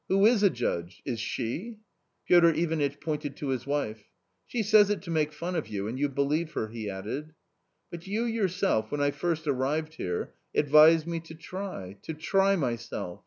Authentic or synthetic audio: authentic